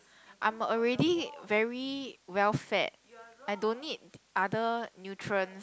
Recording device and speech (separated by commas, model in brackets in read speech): close-talking microphone, conversation in the same room